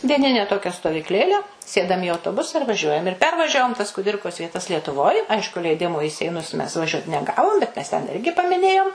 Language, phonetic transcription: Lithuanian, dieˈnine ˈtokia stovykˈlėle ˈsėdam i autoˈbusa ir vaˈžiuojam ir ˈpervažiavom tas kuˈdirkos vieˈtas lietuˈvoj ˈaišku leiˈdimo į seiˈnus mes ˈvažiuot neˈgavom bet mes ten ˈirgi pamiˈnėjom

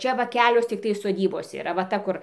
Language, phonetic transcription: Lithuanian, ˈčia va ˈkelios tikˈtai soˈdybos yˈra va ˈta ˈkur

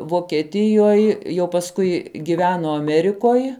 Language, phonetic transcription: Lithuanian, vokeˈtijoj jau pasˈkui giˈveno aˈmerikoj

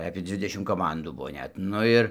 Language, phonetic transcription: Lithuanian, apie ˈdzvidešim koˈmandų ˈbuvo ˈnet ˈnu ir

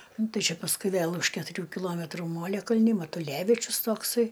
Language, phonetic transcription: Lithuanian, ˈnu ˈtai ˈčia pasˈkui ˈvėl už ketuˈrių kiˈlometrų ˈmolekalni matuˈlevičius ˈtoksai

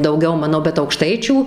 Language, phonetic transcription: Lithuanian, dauˈgiau ˈmano bet aukˈštaičių

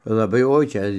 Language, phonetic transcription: Lithuanian, laˈbai ˈoi ˈčia

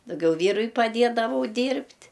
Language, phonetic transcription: Lithuanian, dauˈgiau ˈvyrui paˈdėdavau ˈdyrbt'

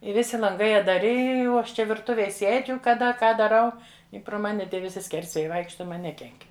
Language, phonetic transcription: Lithuanian, i ˈvisi lanˈgai atdaˈri i o ˈaš ˈčia virˈtuvėj ˈsėdžiu kaˈda ˈką daˈrau i pro ˈmani ˈtie viˈsi ˈskersvėjai ˈvaikšta ˈman ˈnekenk'

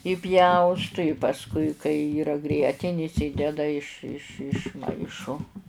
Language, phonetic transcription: Lithuanian, iˈpjaustu i pasˈkui kai ˈyra ˈgrietinis ˈideda iš iš išˈmaišo

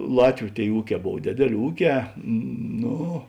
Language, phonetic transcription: Lithuanian, ˈlatviu ˈtėi ˈūˌkē ˈbov ˈdėdėˌlė ˈūˌkē ˈno

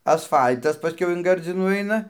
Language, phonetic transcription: Lithuanian, asˈfal'tas paˈskiau in ˈgardzinų ˈaina

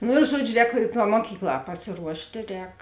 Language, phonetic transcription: Lithuanian, ˈno ir ˈžuodžiu ˈrēk tā muoˈkykˌlā pasiˈruoštė ˈrēk

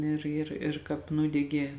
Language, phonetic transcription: Lithuanian, ˈir ir ir ˈkāp ˈnūdegė

